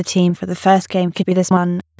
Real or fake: fake